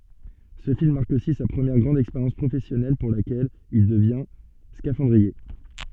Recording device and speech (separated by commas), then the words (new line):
soft in-ear microphone, read sentence
Ce film marque aussi sa première grande expérience professionnelle pour laquelle il devient scaphandrier.